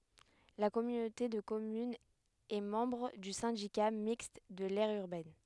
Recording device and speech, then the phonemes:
headset microphone, read sentence
la kɔmynote də kɔmynz ɛ mɑ̃bʁ dy sɛ̃dika mikst də lɛʁ yʁbɛn

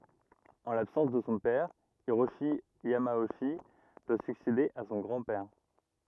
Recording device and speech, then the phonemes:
rigid in-ear microphone, read sentence
ɑ̃ labsɑ̃s də sɔ̃ pɛʁ iʁoʃi jamoʃi dwa syksede a sɔ̃ ɡʁɑ̃ pɛʁ

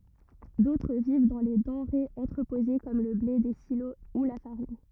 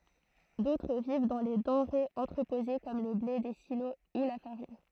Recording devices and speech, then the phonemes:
rigid in-ear microphone, throat microphone, read sentence
dotʁ viv dɑ̃ le dɑ̃ʁez ɑ̃tʁəpoze kɔm lə ble de silo u la faʁin

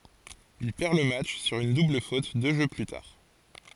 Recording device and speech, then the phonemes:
forehead accelerometer, read sentence
il pɛʁ lə matʃ syʁ yn dubl fot dø ʒø ply taʁ

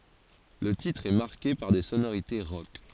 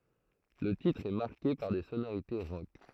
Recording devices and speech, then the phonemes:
forehead accelerometer, throat microphone, read sentence
lə titʁ ɛ maʁke paʁ de sonoʁite ʁɔk

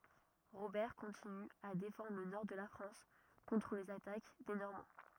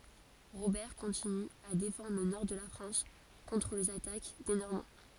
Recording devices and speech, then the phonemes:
rigid in-ear microphone, forehead accelerometer, read sentence
ʁobɛʁ kɔ̃tiny a defɑ̃dʁ lə nɔʁ də la fʁɑ̃s kɔ̃tʁ lez atak de nɔʁmɑ̃

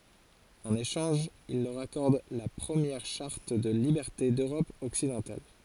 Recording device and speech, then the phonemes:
forehead accelerometer, read sentence
ɑ̃n eʃɑ̃ʒ il lœʁ akɔʁd la pʁəmjɛʁ ʃaʁt də libɛʁte døʁɔp ɔksidɑ̃tal

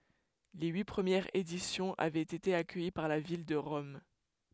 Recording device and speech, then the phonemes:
headset microphone, read sentence
le yi pʁəmjɛʁz edisjɔ̃z avɛt ete akœji paʁ la vil də ʁɔm

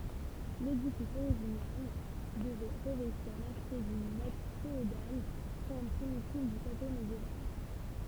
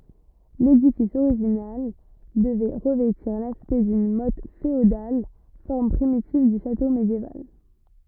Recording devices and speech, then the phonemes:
temple vibration pickup, rigid in-ear microphone, read sentence
ledifis oʁiʒinal dəvɛ ʁəvɛtiʁ laspɛkt dyn mɔt feodal fɔʁm pʁimitiv dy ʃato medjeval

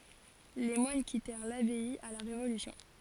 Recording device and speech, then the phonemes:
forehead accelerometer, read sentence
le mwan kitɛʁ labɛi a la ʁevolysjɔ̃

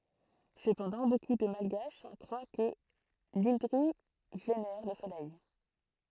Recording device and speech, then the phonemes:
throat microphone, read sentence
səpɑ̃dɑ̃ boku də malɡaʃ kʁwa kə lɛ̃dʁi venɛʁ lə solɛj

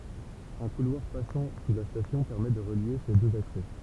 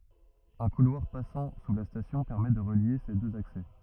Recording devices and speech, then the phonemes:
temple vibration pickup, rigid in-ear microphone, read sentence
œ̃ kulwaʁ pasɑ̃ su la stasjɔ̃ pɛʁmɛ də ʁəlje se døz aksɛ

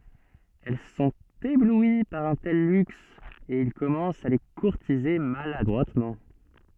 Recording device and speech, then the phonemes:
soft in-ear microphone, read sentence
ɛl sɔ̃t eblwi paʁ œ̃ tɛl lyks e il kɔmɑ̃st a le kuʁtize maladʁwatmɑ̃

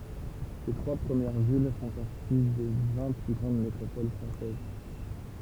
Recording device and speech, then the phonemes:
temple vibration pickup, read sentence
se tʁwa pʁəmjɛʁ vil fɔ̃ paʁti de vɛ̃ ply ɡʁɑ̃d metʁopol fʁɑ̃sɛz

